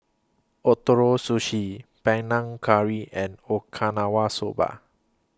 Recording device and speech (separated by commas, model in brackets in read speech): close-talking microphone (WH20), read sentence